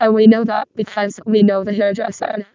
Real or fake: fake